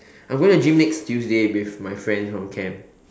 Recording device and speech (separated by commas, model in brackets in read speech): standing microphone, conversation in separate rooms